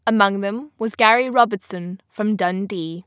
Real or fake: real